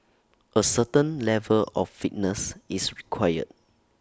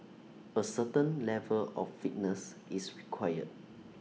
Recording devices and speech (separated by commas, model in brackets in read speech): standing microphone (AKG C214), mobile phone (iPhone 6), read sentence